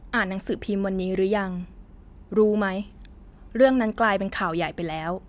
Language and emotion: Thai, neutral